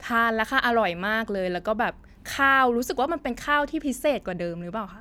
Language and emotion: Thai, happy